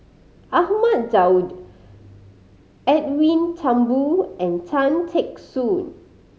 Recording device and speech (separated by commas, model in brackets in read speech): mobile phone (Samsung C5010), read sentence